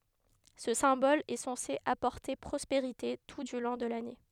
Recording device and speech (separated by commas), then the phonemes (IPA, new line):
headset microphone, read sentence
sə sɛ̃bɔl ɛ sɑ̃se apɔʁte pʁɔspeʁite tu dy lɔ̃ də lane